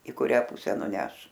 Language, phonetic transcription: Lithuanian, i kuˈrią ˈpuse nuˈneš

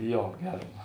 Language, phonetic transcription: Lithuanian, ˈjo ˈgerm

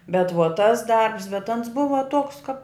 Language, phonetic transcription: Lithuanian, bet ˈvuo ˈtas ˈdarbs bet ˈans ˈbuva ˈtuoks kap

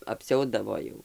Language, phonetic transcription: Lithuanian, apˈsiaudavo jau

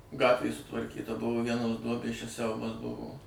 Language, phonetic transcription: Lithuanian, ˈgatvė sutvarˈkyta ˈbuvo ˈvienos ˈduobės čia ˈsiaubas ˈbuvo

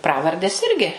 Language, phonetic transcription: Lithuanian, ˈpravardės ˈirgi

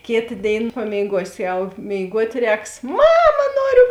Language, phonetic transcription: Lithuanian, ˈkėta ˈdėin pamėiˈguosi ˈjau mėiˈguot' ˈrēks ˈmama ˈnoriu

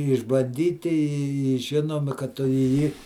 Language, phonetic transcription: Lithuanian, išbanˈdyti i ˈžinomi kad ˈtu i ˈjį

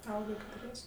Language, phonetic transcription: Lithuanian, ˈauga ketuˈries'

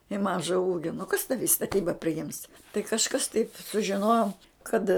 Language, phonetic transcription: Lithuanian, i ˈmaža ˈūgio nu kas tavi i staˈtyba priˈjims tai kažˈkas taip sužiˈnojom ˈkad

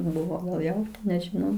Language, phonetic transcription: Lithuanian, ˈbuvo gal ˈjau nežiˈnau

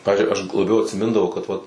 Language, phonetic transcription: Lithuanian, ˈpavizdžiui aš gu laˈbiau atsiˈmindavau kad ˈvat

